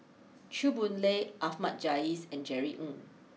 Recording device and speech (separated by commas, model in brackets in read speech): mobile phone (iPhone 6), read sentence